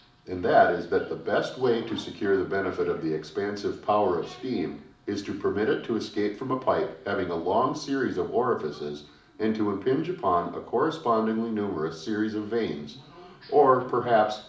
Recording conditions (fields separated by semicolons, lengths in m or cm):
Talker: one person; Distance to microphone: 2.0 m; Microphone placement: close; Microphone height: 99 cm; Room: medium-sized (5.7 m by 4.0 m); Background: television